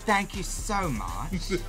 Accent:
english accent